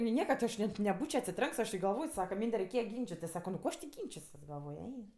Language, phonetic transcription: Lithuanian, ni ˈnieka ˈaš net neˈbūčio atsiˈtrenks aš i galˈvoj ˈsaka ˈmynde reiˈkėja ˈgynčitis ˈsako nu ˈko aš ti ˈgynčisiuos galˈvoj ˈei

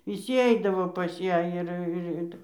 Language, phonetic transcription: Lithuanian, viˈsy ˈeidavo pas ˈją ir ir ˈitai

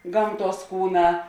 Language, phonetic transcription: Lithuanian, ˈgamˌtuos ˈkūˌnā

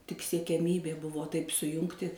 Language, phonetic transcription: Lithuanian, tik siekiaˈmybė ˈbuvo taip suˈjungti

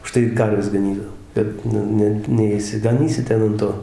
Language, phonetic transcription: Lithuanian, uˈžtai ir ˈkarves gaˈnydavo ˈbet nu ˈne neišsigaˈnysi ˈten an ˈto

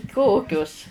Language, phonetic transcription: Lithuanian, ˈkokius

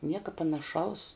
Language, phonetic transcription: Lithuanian, ˈnieka panaˈšaus

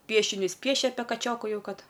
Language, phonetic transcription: Lithuanian, ˈpiešinius ˈpiešia ˈapie kaˈčioku ˈjau ˈkad

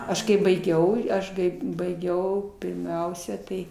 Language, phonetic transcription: Lithuanian, ˈaš kai baiˈgiau ˈaš kai baiˈgiau pirˈmiausia tai

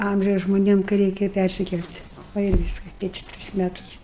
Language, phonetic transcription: Lithuanian, ˈamžiaus žmoˈniem kai ˈreikia ˈpærsikel't' ˈva ir ˈvyskas ˈtėtis ˈtris ˈmetus

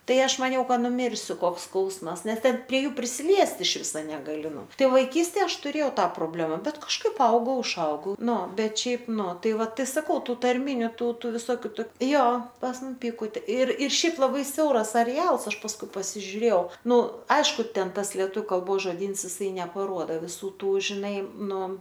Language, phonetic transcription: Lithuanian, ˈtai ˈaš maˈniau ˈka nuˈmyrsiu ˈkoks ˈskausmas ˈnes ˈten prie ˈjų prisiˈliest iš ˈviso negaˈli ˈnu ˈtai vaiˈkystėj ˈaš tuˈrėjau ˈtą proˈblema ˈbet kažˈkaip ˈaugau užˈaugau ˈnu ˈbet ˈšiaip ˈnu ˈtai ˈvat saˈkau ˈtų tarˈminiu ˈtų ˈtų viˈsokiu toki ˈjo pas ˈmum ˈpikutė ir ˈšiaip laˈbai ˈsiauras areˈals ˈaš pasˈkui pasižiuˈrėjau ˈnu ˈaišku ˈten ˈtas lieˈtu kalˈbos žoˈdyns jiˈsai nepaˈruoda viˈsų ˈtų žiˈnai ˈnu

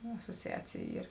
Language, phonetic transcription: Lithuanian, asociˈacėj ˈyr

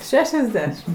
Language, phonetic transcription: Lithuanian, ˈšešiasˌdešim

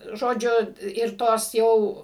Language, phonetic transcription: Lithuanian, ˈžodžiu ir ˈtos ˈjau

